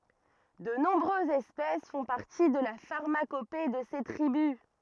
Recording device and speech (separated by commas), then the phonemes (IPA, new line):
rigid in-ear microphone, read sentence
də nɔ̃bʁøzz ɛspɛs fɔ̃ paʁti də la faʁmakope də se tʁibys